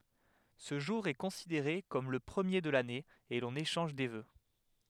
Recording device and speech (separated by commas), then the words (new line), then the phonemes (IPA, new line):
headset microphone, read sentence
Ce jour est considéré comme le premier de l'année et l'on échange des vœux.
sə ʒuʁ ɛ kɔ̃sideʁe kɔm lə pʁəmje də lane e lɔ̃n eʃɑ̃ʒ de vø